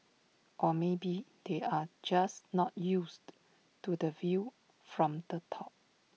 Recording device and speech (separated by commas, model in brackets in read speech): mobile phone (iPhone 6), read sentence